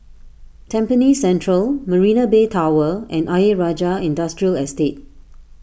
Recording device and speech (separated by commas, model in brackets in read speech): boundary microphone (BM630), read sentence